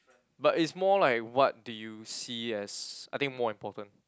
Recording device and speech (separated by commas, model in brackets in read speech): close-talking microphone, conversation in the same room